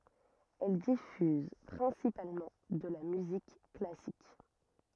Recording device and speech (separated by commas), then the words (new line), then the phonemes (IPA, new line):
rigid in-ear microphone, read sentence
Elle diffuse principalement de la musique classique.
ɛl difyz pʁɛ̃sipalmɑ̃ də la myzik klasik